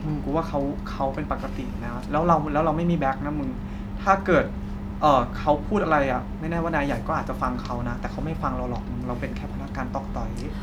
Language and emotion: Thai, frustrated